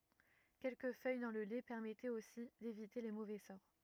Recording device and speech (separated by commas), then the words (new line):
rigid in-ear microphone, read sentence
Quelques feuilles dans le lait permettaient aussi d'éviter les mauvais sorts.